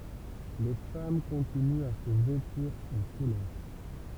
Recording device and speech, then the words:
temple vibration pickup, read sentence
Les femmes continuent à se vêtir en couleurs.

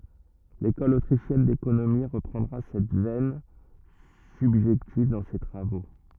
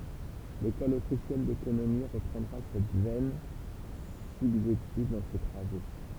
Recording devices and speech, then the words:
rigid in-ear microphone, temple vibration pickup, read sentence
L’École autrichienne d'économie reprendra cette veine subjective dans ses travaux.

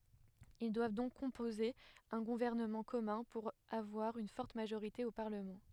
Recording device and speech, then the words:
headset microphone, read sentence
Ils doivent donc composer un gouvernement commun, pour avoir une forte majorité au parlement.

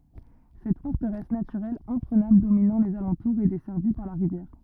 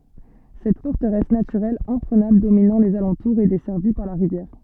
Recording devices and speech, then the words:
rigid in-ear microphone, soft in-ear microphone, read sentence
Cette forteresse naturelle imprenable dominant les alentours et desservie par la rivière.

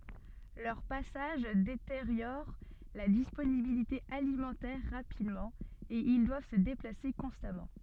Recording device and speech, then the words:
soft in-ear microphone, read sentence
Leurs passages détériorent la disponibilité alimentaire rapidement et ils doivent se déplacer constamment.

